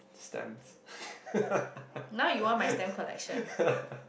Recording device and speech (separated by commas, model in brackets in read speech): boundary microphone, conversation in the same room